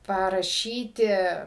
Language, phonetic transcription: Lithuanian, paraˈšyti

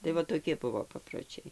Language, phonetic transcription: Lithuanian, tai ˈva toˈki ˈbuvo paproˈčiai

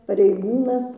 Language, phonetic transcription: Lithuanian, pareiˈgūnas

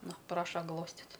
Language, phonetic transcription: Lithuanian, ˈnu ˈpraša ˈglostit'

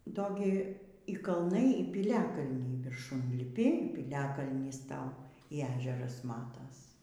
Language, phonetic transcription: Lithuanian, ˈdo gi y kalˈnai y piˈliakalniai virˈšun liˈpi y pyliakalnys ˈtau y ˈežeras ˈmatas

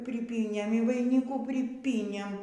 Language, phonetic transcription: Lithuanian, priˈpynėm y vaiˈnikų priˈpynėm

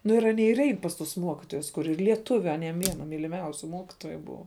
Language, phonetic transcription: Lithuanian, nu ir aˈnie ir ˈein pas tus ˈmuokitojus kuˈri lieˈtuviu aˈniem ˈviena myliˈmiausiu ˈmuokitoju ˈbuva

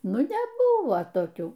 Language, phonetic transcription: Lithuanian, ˈnu neˈbuvo toˈkių

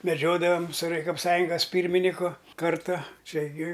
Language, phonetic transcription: Lithuanian, meˈdžiodavam su rajkopˈsąjungas ˈpyrminiku ˈkarta ˈčia gi

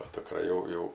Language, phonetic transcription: Lithuanian, o dukˈra jau ˈjau

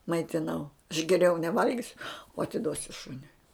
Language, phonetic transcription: Lithuanian, maitiˈnau aš geˈriau neˈvalgisiu o atiˈduosiu ˈšuniui

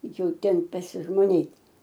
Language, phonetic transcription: Lithuanian, jau ˈten pasižmoˈnėt

